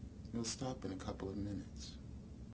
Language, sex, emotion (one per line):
English
male
neutral